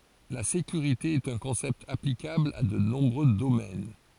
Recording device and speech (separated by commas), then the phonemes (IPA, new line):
forehead accelerometer, read sentence
la sekyʁite ɛt œ̃ kɔ̃sɛpt aplikabl a də nɔ̃bʁø domɛn